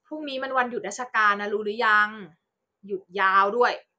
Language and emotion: Thai, frustrated